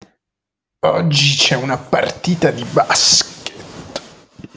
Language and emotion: Italian, disgusted